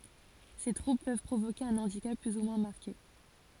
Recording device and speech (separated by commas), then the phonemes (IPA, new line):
forehead accelerometer, read sentence
se tʁubl pøv pʁovoke œ̃ ɑ̃dikap ply u mwɛ̃ maʁke